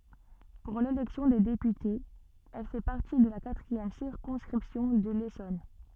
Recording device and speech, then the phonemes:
soft in-ear microphone, read sentence
puʁ lelɛksjɔ̃ de depytez ɛl fɛ paʁti də la katʁiɛm siʁkɔ̃skʁipsjɔ̃ də lesɔn

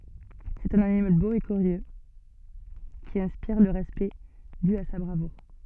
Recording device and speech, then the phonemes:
soft in-ear microphone, read sentence
sɛt œ̃n animal bo e kyʁjø ki ɛ̃spiʁ lə ʁɛspɛkt dy a sa bʁavuʁ

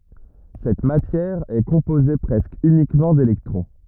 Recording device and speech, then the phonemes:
rigid in-ear microphone, read sentence
sɛt matjɛʁ ɛ kɔ̃poze pʁɛskə ynikmɑ̃ delɛktʁɔ̃

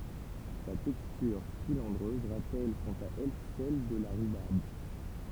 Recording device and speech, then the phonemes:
temple vibration pickup, read sentence
sa tɛkstyʁ filɑ̃dʁøz ʁapɛl kɑ̃t a ɛl sɛl də la ʁybaʁb

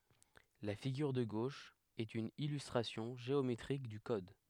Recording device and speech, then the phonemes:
headset microphone, read sentence
la fiɡyʁ də ɡoʃ ɛt yn ilystʁasjɔ̃ ʒeometʁik dy kɔd

